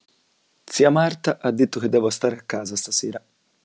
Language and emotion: Italian, neutral